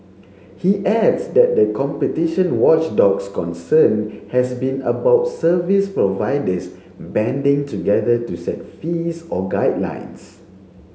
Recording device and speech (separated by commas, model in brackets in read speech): mobile phone (Samsung C7), read sentence